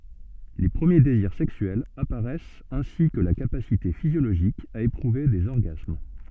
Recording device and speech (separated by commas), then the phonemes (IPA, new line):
soft in-ear microphone, read sentence
le pʁəmje deziʁ sɛksyɛlz apaʁɛst ɛ̃si kə la kapasite fizjoloʒik a epʁuve dez ɔʁɡasm